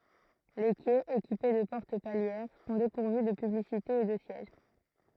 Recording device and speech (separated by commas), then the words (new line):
throat microphone, read sentence
Les quais, équipés de portes palières, sont dépourvus de publicités et de sièges.